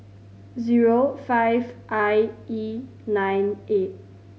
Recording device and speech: mobile phone (Samsung C5010), read sentence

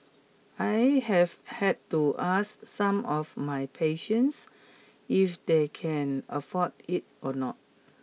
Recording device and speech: mobile phone (iPhone 6), read sentence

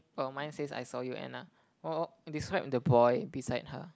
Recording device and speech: close-talking microphone, conversation in the same room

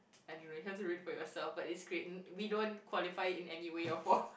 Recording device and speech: boundary microphone, conversation in the same room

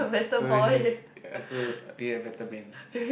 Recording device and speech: boundary microphone, conversation in the same room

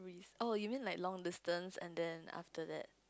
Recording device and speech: close-talking microphone, conversation in the same room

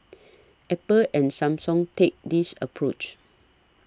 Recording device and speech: standing microphone (AKG C214), read sentence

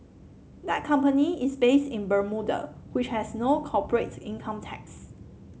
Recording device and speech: mobile phone (Samsung C7), read sentence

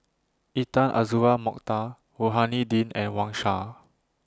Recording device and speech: standing microphone (AKG C214), read sentence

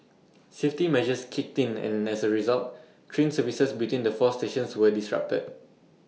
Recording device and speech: mobile phone (iPhone 6), read sentence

